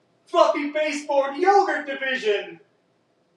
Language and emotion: English, happy